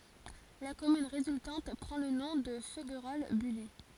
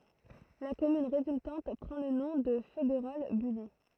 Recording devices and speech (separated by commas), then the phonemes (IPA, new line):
forehead accelerometer, throat microphone, read sentence
la kɔmyn ʁezyltɑ̃t pʁɑ̃ lə nɔ̃ də føɡʁɔl byli